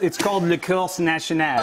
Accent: Imitates French accent